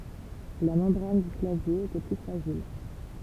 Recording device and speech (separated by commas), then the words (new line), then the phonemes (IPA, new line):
temple vibration pickup, read sentence
La membrane du clavier était plus fragile.
la mɑ̃bʁan dy klavje etɛ ply fʁaʒil